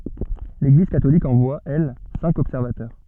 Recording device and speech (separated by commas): soft in-ear microphone, read sentence